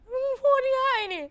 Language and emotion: Thai, sad